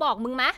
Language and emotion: Thai, angry